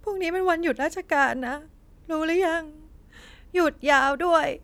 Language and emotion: Thai, sad